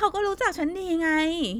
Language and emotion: Thai, frustrated